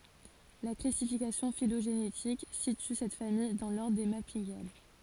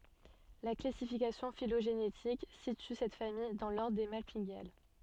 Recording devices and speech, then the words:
forehead accelerometer, soft in-ear microphone, read sentence
La classification phylogénétique situe cette famille dans l'ordre des Malpighiales.

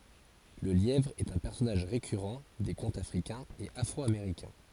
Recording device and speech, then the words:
forehead accelerometer, read sentence
Le lièvre est un personnage récurrent des contes africains et afro-américains.

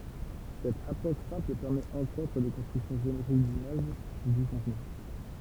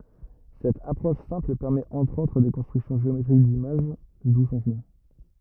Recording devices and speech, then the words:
temple vibration pickup, rigid in-ear microphone, read sentence
Cette approche simple permet entre autres des constructions géométriques d’images, d’où son nom.

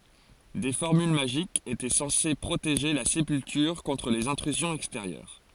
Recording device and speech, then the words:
forehead accelerometer, read sentence
Des formules magiques étaient censées protéger la sépulture contre les intrusions extérieures.

